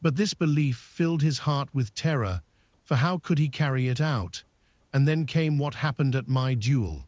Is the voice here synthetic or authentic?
synthetic